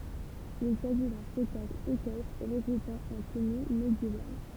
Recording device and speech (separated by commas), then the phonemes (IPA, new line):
temple vibration pickup, read sentence
il saʒi dœ̃ spɛktakl ekɛstʁ ʁəɡʁupɑ̃ ɑ̃ təny medjeval